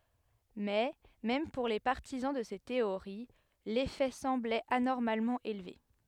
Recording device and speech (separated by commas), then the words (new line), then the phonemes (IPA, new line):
headset microphone, read sentence
Mais même pour les partisans de ces théories, l'effet semblait anormalement élevé.
mɛ mɛm puʁ le paʁtizɑ̃ də se teoʁi lefɛ sɑ̃blɛt anɔʁmalmɑ̃ elve